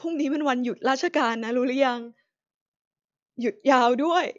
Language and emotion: Thai, sad